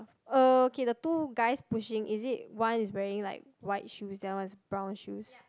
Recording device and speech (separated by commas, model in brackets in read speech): close-talking microphone, conversation in the same room